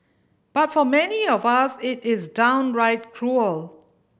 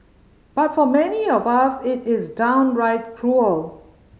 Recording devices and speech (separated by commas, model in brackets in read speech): boundary microphone (BM630), mobile phone (Samsung C5010), read sentence